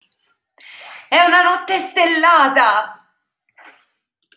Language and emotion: Italian, happy